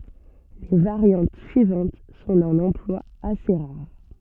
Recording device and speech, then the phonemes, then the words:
soft in-ear microphone, read sentence
le vaʁjɑ̃t syivɑ̃t sɔ̃ dœ̃n ɑ̃plwa ase ʁaʁ
Les variantes suivantes sont d'un emploi assez rare.

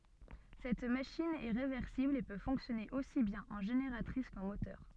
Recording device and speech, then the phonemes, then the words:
soft in-ear microphone, read sentence
sɛt maʃin ɛ ʁevɛʁsibl e pø fɔ̃ksjɔne osi bjɛ̃n ɑ̃ ʒeneʁatʁis kɑ̃ motœʁ
Cette machine est réversible et peut fonctionner aussi bien en génératrice qu'en moteur.

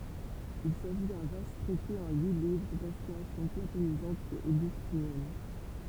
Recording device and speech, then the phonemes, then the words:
temple vibration pickup, read sentence
il saʒi dœ̃ vast tʁɛte ɑ̃ yi livʁ dɛ̃spiʁasjɔ̃ platonizɑ̃t e oɡystinjɛn
Il s'agit d'un vaste traité en huit livres, d'inspiration platonisante et augustinienne.

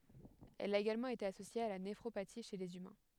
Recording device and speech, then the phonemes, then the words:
headset microphone, read sentence
ɛl a eɡalmɑ̃ ete asosje a la nefʁopati ʃe lez ymɛ̃
Elle a également été associée à la néphropathie chez les humains.

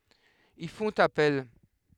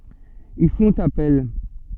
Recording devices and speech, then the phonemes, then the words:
headset microphone, soft in-ear microphone, read sentence
il fɔ̃t apɛl
Ils font appel.

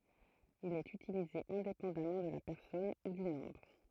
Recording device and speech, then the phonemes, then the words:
throat microphone, read sentence
il ɛt ytilize ɛ̃depɑ̃damɑ̃ də la pɛʁsɔn u dy nɔ̃bʁ
Il est utilisé indépendamment de la personne ou du nombre.

